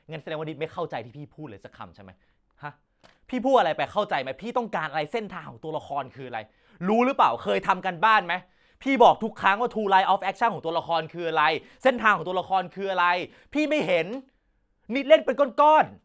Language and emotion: Thai, angry